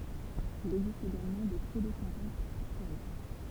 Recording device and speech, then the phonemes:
temple vibration pickup, read sentence
il ɛɡzist eɡalmɑ̃ de psødosɛ̃kopz isteʁik

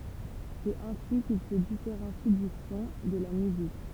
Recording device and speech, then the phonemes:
temple vibration pickup, read sentence
sɛt ɛ̃si kil sə difeʁɑ̃si dy sɔ̃ də la myzik

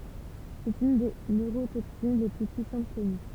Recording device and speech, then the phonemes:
temple vibration pickup, read sentence
sɛt yn de nøʁotoksin le ply pyisɑ̃t kɔny

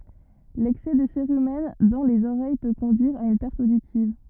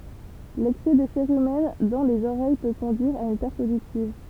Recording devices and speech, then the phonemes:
rigid in-ear microphone, temple vibration pickup, read sentence
lɛksɛ də seʁymɛn dɑ̃ lez oʁɛj pø kɔ̃dyiʁ a yn pɛʁt oditiv

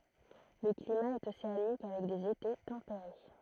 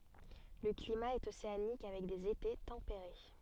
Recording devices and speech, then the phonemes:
throat microphone, soft in-ear microphone, read sentence
lə klima ɛt oseanik avɛk dez ete tɑ̃peʁe

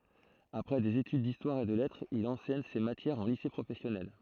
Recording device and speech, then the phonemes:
throat microphone, read sentence
apʁɛ dez etyd distwaʁ e də lɛtʁz il ɑ̃sɛɲ se matjɛʁz ɑ̃ lise pʁofɛsjɔnɛl

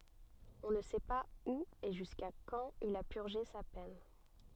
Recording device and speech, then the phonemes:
soft in-ear microphone, read sentence
ɔ̃ nə sɛ paz u e ʒyska kɑ̃t il a pyʁʒe sa pɛn

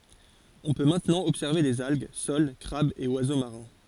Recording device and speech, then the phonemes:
forehead accelerometer, read sentence
ɔ̃ pø mɛ̃tnɑ̃ ɔbsɛʁve dez alɡ sol kʁabz e wazo maʁɛ̃

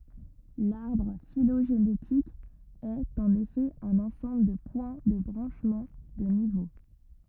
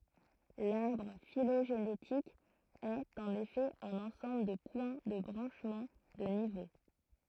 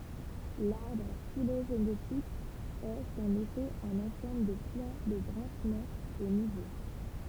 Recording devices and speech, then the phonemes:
rigid in-ear microphone, throat microphone, temple vibration pickup, read sentence
laʁbʁ filoʒenetik ɛt ɑ̃n efɛ œ̃n ɑ̃sɑ̃bl də pwɛ̃ də bʁɑ̃ʃmɑ̃ də nivo

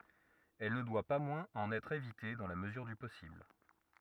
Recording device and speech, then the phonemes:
rigid in-ear microphone, read sentence
ɛl nə dwa pa mwɛ̃z ɑ̃n ɛtʁ evite dɑ̃ la məzyʁ dy pɔsibl

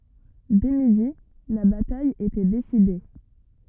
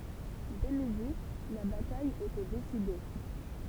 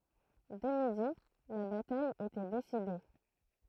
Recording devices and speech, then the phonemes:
rigid in-ear microphone, temple vibration pickup, throat microphone, read sentence
dɛ midi la bataj etɛ deside

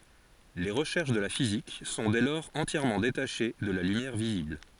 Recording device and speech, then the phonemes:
forehead accelerometer, read sentence
le ʁəʃɛʁʃ də la fizik sɔ̃ dɛ lɔʁz ɑ̃tjɛʁmɑ̃ detaʃe də la lymjɛʁ vizibl

